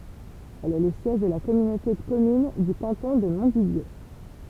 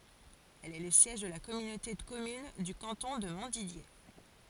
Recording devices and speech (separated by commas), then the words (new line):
temple vibration pickup, forehead accelerometer, read sentence
Elle est le siège de la communauté de communes du canton de Montdidier.